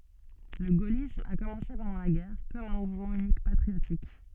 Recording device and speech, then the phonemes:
soft in-ear microphone, read sentence
lə ɡolism a kɔmɑ̃se pɑ̃dɑ̃ la ɡɛʁ kɔm œ̃ muvmɑ̃ ynikmɑ̃ patʁiotik

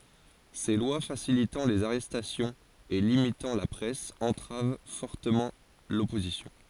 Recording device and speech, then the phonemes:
forehead accelerometer, read sentence
se lwa fasilitɑ̃ lez aʁɛstasjɔ̃z e limitɑ̃ la pʁɛs ɑ̃tʁav fɔʁtəmɑ̃ lɔpozisjɔ̃

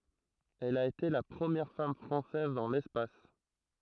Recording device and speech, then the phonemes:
throat microphone, read sentence
ɛl a ete la pʁəmjɛʁ fam fʁɑ̃sɛz dɑ̃ lɛspas

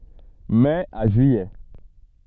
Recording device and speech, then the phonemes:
soft in-ear microphone, read sentence
mɛ a ʒyijɛ

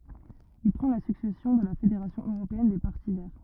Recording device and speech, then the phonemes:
rigid in-ear microphone, read sentence
il pʁɑ̃ la syksɛsjɔ̃ də la fedeʁasjɔ̃ øʁopeɛn de paʁti vɛʁ

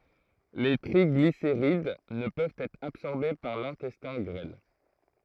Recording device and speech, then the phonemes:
throat microphone, read sentence
le tʁiɡliseʁid nə pøvt ɛtʁ absɔʁbe paʁ lɛ̃tɛstɛ̃ ɡʁɛl

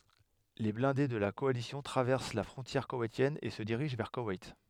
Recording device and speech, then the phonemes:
headset microphone, read sentence
le blɛ̃de də la kɔalisjɔ̃ tʁavɛʁs la fʁɔ̃tjɛʁ kowɛjtjɛn e sə diʁiʒ vɛʁ kowɛjt

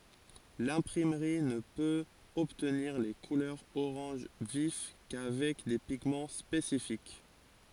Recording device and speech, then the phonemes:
forehead accelerometer, read sentence
lɛ̃pʁimʁi nə pøt ɔbtniʁ le kulœʁz oʁɑ̃ʒ vif kavɛk de piɡmɑ̃ spesifik

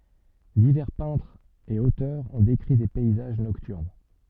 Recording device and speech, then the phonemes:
soft in-ear microphone, read sentence
divɛʁ pɛ̃tʁz e otœʁz ɔ̃ dekʁi de pɛizaʒ nɔktyʁn

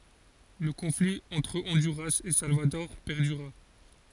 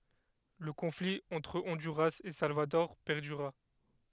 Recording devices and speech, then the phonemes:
forehead accelerometer, headset microphone, read sentence
lə kɔ̃fli ɑ̃tʁ ɔ̃dyʁas e salvadɔʁ pɛʁdyʁa

